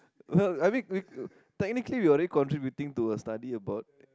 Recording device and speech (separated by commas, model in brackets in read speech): close-talking microphone, conversation in the same room